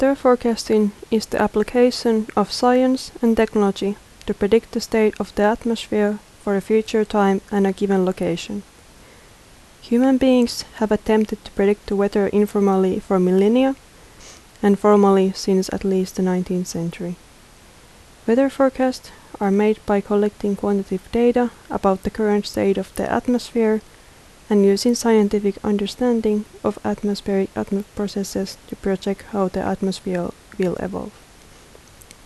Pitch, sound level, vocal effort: 210 Hz, 76 dB SPL, soft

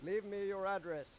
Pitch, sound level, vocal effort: 195 Hz, 98 dB SPL, very loud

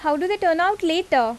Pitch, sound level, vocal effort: 340 Hz, 88 dB SPL, loud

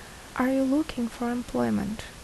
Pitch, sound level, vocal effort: 240 Hz, 72 dB SPL, soft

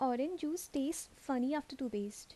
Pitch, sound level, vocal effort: 275 Hz, 78 dB SPL, soft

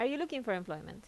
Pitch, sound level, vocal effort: 215 Hz, 83 dB SPL, normal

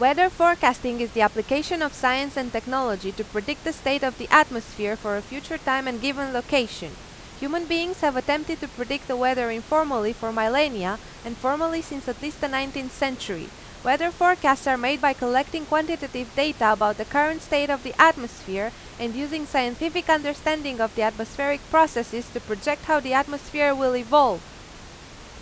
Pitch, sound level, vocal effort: 270 Hz, 92 dB SPL, very loud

